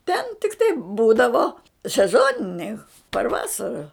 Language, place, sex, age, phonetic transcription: Lithuanian, Žemaitija, female, 60+, ten tikˈtai ˈbūdavo seˈzoniniai par ˈvasara

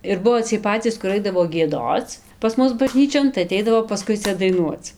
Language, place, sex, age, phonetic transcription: Lithuanian, Dzūkija, female, 18-60, ir ˈbuvo ciej ˈpacys kur ˈaidavo gieˈdoc pas ˈmus baˈžnyčion tai aˈteidavo paˈskui ˈcia daiˈnuoc

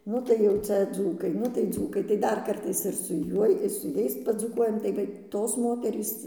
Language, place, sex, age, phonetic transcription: Lithuanian, Dzūkija, female, 60+, ˈnu tai jau ˈcia ˈdzūkai ˈnu tai ˈdzūkai tai ˈdar ˈkartais ir su ˈjuoj ir su ˈjais padzūˈkuojam tai ˈva ˈtos ˈmoterys

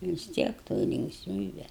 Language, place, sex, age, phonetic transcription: Lithuanian, Aukštaitija, female, 60+, vis ˈtiek toj linkˈsmybe

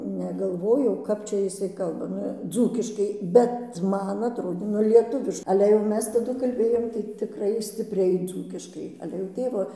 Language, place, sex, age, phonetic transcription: Lithuanian, Dzūkija, female, 60+, negalˈvojau ˈkap čia jiˈsai ˈkalba ˈnu ˈdzūkiškai bet ˈman atˈrodė nu ˈlietuviš ˈale jau ˈmes taˈdu kalˈbėjom tai tiˈkrai stipˈriai ˈdzūkiškai ˈale jau ˈtėvo

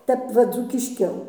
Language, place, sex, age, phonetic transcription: Lithuanian, Dzūkija, female, 60+, ˈtep va dzūkišˈkiau

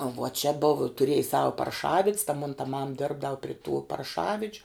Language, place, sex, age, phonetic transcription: Lithuanian, Žemaitija, female, 18-60, vuo čia bov tuˈriej ˈsava parˈšavid's ta mon ta mam ˈdirbdav pri tų parˈšavidžiu

